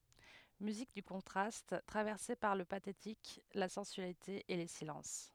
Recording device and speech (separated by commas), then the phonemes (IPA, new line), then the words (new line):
headset microphone, read sentence
myzik dy kɔ̃tʁast tʁavɛʁse paʁ lə patetik la sɑ̃syalite e le silɑ̃s
Musique du contraste, traversée par le pathétique, la sensualité et les silences.